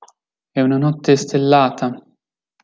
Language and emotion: Italian, sad